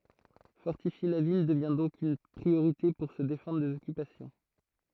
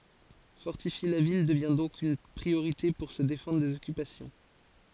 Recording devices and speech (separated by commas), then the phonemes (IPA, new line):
throat microphone, forehead accelerometer, read sentence
fɔʁtifje la vil dəvɛ̃ dɔ̃k yn pʁioʁite puʁ sə defɑ̃dʁ dez ɔkypasjɔ̃